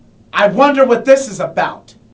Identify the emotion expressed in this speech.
disgusted